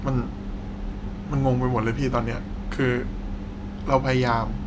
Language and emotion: Thai, sad